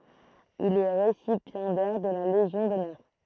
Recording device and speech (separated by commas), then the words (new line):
throat microphone, read sentence
Il est récipiendaire de la Légion d'honneur.